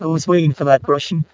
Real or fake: fake